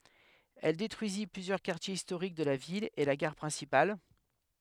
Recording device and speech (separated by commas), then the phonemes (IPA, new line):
headset microphone, read sentence
ɛl detʁyizi plyzjœʁ kaʁtjez istoʁik də la vil e la ɡaʁ pʁɛ̃sipal